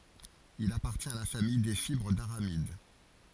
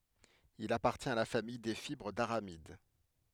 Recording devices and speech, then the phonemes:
forehead accelerometer, headset microphone, read sentence
il apaʁtjɛ̃t a la famij de fibʁ daʁamid

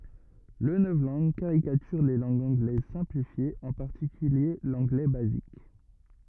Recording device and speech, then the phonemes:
rigid in-ear microphone, read sentence
lə nɔvlɑ̃ɡ kaʁikatyʁ le lɑ̃ɡz ɑ̃ɡlɛz sɛ̃plifjez ɑ̃ paʁtikylje lɑ̃ɡlɛ bazik

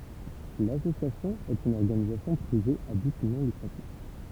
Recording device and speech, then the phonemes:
temple vibration pickup, read sentence
lasosjasjɔ̃ ɛt yn ɔʁɡanizasjɔ̃ pʁive a byt nɔ̃ lykʁatif

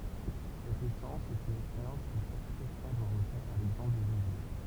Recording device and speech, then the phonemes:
temple vibration pickup, read sentence
sɛt esɑ̃s sɛt yn ɛkspeʁjɑ̃s kə ʃak kʁetjɛ̃ dwa ʁəfɛʁ a lɛɡzɑ̃pl də ʒezy

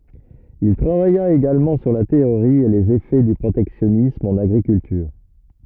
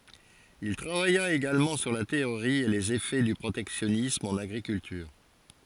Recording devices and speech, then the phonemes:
rigid in-ear microphone, forehead accelerometer, read sentence
il tʁavaja eɡalmɑ̃ syʁ la teoʁi e lez efɛ dy pʁotɛksjɔnism ɑ̃n aɡʁikyltyʁ

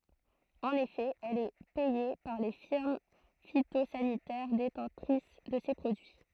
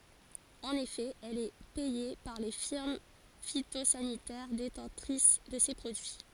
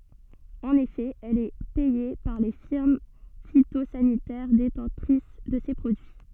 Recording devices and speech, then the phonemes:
throat microphone, forehead accelerometer, soft in-ear microphone, read sentence
ɑ̃n efɛ ɛl ɛ pɛje paʁ le fiʁm fitozanitɛʁ detɑ̃tʁis də se pʁodyi

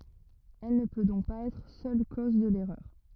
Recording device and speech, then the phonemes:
rigid in-ear microphone, read sentence
ɛl nə pø dɔ̃k paz ɛtʁ sœl koz də lɛʁœʁ

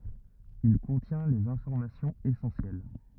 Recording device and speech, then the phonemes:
rigid in-ear microphone, read sentence
il kɔ̃tjɛ̃ lez ɛ̃fɔʁmasjɔ̃z esɑ̃sjɛl

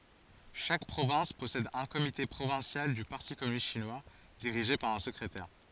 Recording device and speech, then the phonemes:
forehead accelerometer, read sentence
ʃak pʁovɛ̃s pɔsɛd œ̃ komite pʁovɛ̃sjal dy paʁti kɔmynist ʃinwa diʁiʒe paʁ œ̃ səkʁetɛʁ

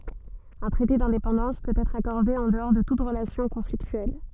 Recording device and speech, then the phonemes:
soft in-ear microphone, read sentence
œ̃ tʁɛte dɛ̃depɑ̃dɑ̃s pøt ɛtʁ akɔʁde ɑ̃ dəɔʁ də tut ʁəlasjɔ̃ kɔ̃fliktyɛl

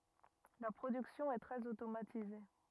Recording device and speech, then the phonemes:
rigid in-ear microphone, read sentence
la pʁodyksjɔ̃ ɛ tʁɛz otomatize

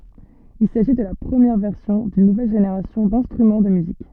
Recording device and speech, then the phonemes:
soft in-ear microphone, read sentence
il saʒi də la pʁəmjɛʁ vɛʁsjɔ̃ dyn nuvɛl ʒeneʁasjɔ̃ dɛ̃stʁymɑ̃ də myzik

